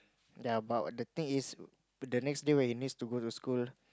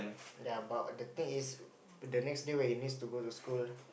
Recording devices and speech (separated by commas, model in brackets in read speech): close-talking microphone, boundary microphone, conversation in the same room